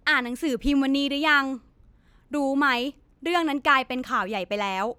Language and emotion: Thai, frustrated